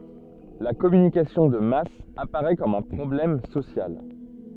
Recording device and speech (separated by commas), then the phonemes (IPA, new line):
soft in-ear microphone, read sentence
la kɔmynikasjɔ̃ də mas apaʁɛ kɔm œ̃ pʁɔblɛm sosjal